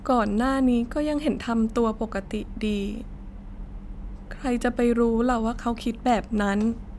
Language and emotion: Thai, sad